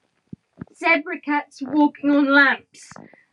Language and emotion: English, sad